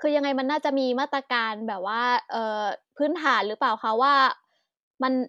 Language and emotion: Thai, frustrated